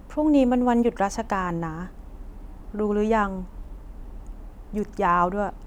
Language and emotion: Thai, neutral